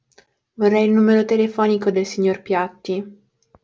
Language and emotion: Italian, sad